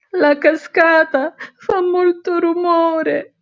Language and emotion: Italian, sad